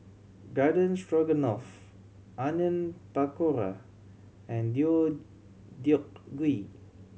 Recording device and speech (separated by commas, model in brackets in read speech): mobile phone (Samsung C7100), read sentence